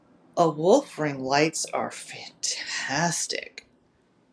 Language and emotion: English, disgusted